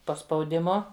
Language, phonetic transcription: Lithuanian, po spaudiˈmu

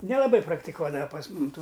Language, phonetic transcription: Lithuanian, nelaˈbai praktiˈkuodava pas ˈmum ˈtų

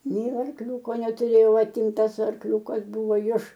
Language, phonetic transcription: Lithuanian, ˈnei arˈkliūko netuˈrėjau ˈatimtas arˈkliūkas ˈbuvo iš

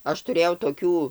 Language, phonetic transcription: Lithuanian, ˈaš tuˈrėjau toˈkių

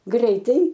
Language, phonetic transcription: Lithuanian, ˈgreitai

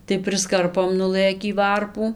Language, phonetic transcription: Lithuanian, tai prisˈkarpom nuˈlɘkį ˈvarpų

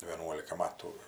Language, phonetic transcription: Lithuanian, vėˈnuolika ˈmatų

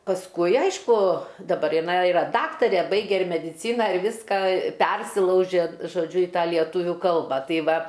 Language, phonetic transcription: Lithuanian, pasˈkui ˈaišku daˈbar iˈnai iˈra ˈdaktarė ˈbaige ir mediˈcyna ir ˈvyska ˈpersilaužė žoˈdžiu i ˈtą lieˈtuvių ˈkalba ˈtai ˈva

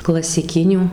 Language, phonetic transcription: Lithuanian, klasiˈkinių

